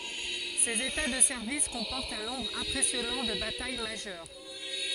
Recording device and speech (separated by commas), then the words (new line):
forehead accelerometer, read sentence
Ses états de service comportent un nombre impressionnant de batailles majeures.